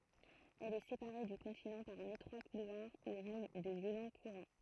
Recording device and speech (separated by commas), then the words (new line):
throat microphone, read sentence
Elle est séparée du continent par un étroit couloir où règnent de violents courants.